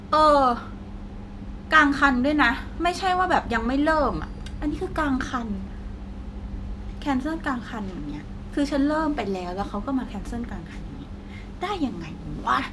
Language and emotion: Thai, frustrated